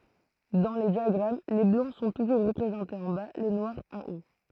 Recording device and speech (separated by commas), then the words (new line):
throat microphone, read sentence
Dans les diagrammes, les Blancs sont toujours représentés en bas, les Noirs en haut.